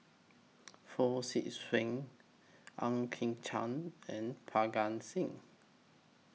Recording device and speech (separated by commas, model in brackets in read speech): mobile phone (iPhone 6), read sentence